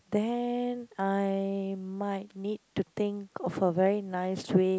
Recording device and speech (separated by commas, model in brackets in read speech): close-talking microphone, conversation in the same room